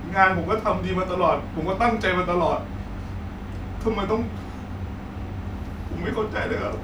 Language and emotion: Thai, sad